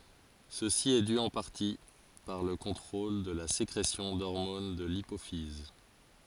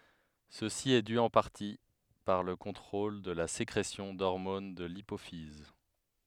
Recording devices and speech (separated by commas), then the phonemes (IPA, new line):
forehead accelerometer, headset microphone, read sentence
səsi ɛ dy ɑ̃ paʁti paʁ lə kɔ̃tʁol də la sekʁesjɔ̃ dɔʁmon də lipofiz